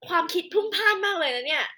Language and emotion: Thai, happy